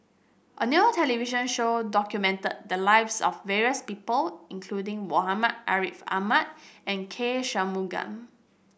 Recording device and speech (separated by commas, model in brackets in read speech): boundary microphone (BM630), read sentence